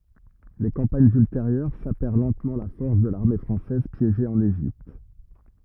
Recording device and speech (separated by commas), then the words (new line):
rigid in-ear microphone, read sentence
Les campagnes ultérieures sapèrent lentement la force de l’armée française piégée en Égypte.